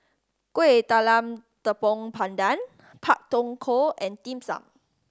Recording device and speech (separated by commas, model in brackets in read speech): standing microphone (AKG C214), read sentence